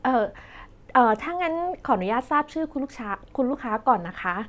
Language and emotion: Thai, neutral